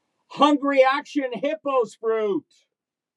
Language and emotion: English, neutral